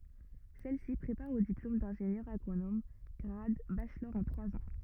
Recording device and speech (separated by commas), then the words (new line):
rigid in-ear microphone, read sentence
Celle-ci prépare au diplôme d'ingénieur agronome grade Bachelor en trois ans.